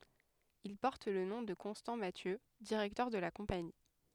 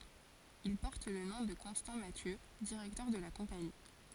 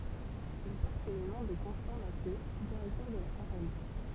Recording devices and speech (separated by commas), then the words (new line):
headset microphone, forehead accelerometer, temple vibration pickup, read sentence
Il porte le nom de Constant Mathieu, directeur de la Compagnie.